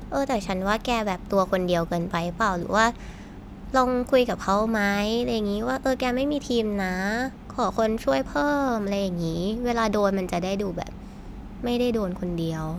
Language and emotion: Thai, neutral